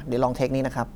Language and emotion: Thai, neutral